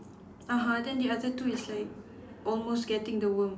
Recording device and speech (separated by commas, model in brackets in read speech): standing microphone, conversation in separate rooms